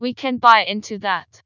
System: TTS, vocoder